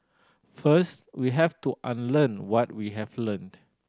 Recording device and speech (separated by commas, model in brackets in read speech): standing microphone (AKG C214), read sentence